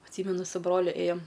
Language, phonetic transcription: Lithuanian, atˈsymenu su ˈbroliu ˈėjom

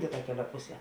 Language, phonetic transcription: Lithuanian, ˈkėˌtuo ˈkeˌliuo ˈpuˌsie

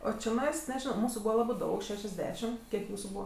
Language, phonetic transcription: Lithuanian, o čiˈnais neˈžino ˈmūsu ˈbūva ˈlabɜ ˈdaug ˌšešiasˈdešim ˈkiek ˈjūsu ˈbūva

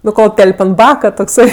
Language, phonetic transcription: Lithuanian, nu ˈkol ˈtel'p' ant ˈbaka tokˈsai

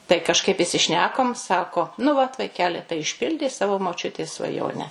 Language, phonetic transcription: Lithuanian, tai kažˈkaip isiˈšnekom ˈsako nu vat vaiˈkeli tai išˈpildei ˈsavo moˈčiutės svaˈjone

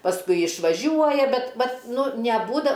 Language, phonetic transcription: Lithuanian, pasˈkui išvaˈžiuoja ˈbet ˈvat ˈnu neˈbūda

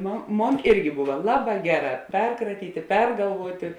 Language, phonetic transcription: Lithuanian, ˈmon ˈmon ˈirgi ˈbuva ˈlaˌbā ˈgeˌrā ˈperkratytė ˈpergalvuotė

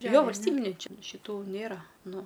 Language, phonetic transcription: Lithuanian, ˈjo valsˈtybiniai ˈči šiˈtų ˈnėra ˈnu

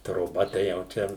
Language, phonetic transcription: Lithuanian, troˈba tai jau ˈčia

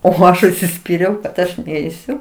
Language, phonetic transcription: Lithuanian, o ˈaš užsiˈspyriau kad ˈaš ˈneisiu

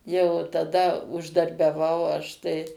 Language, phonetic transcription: Lithuanian, jau taˈda uždarbiaˈvau ˈaš tai

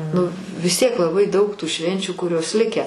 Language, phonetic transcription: Lithuanian, nu vis ˈtiek laˈbai daug tų ˈšvenčių kuˈrios ˈlikę

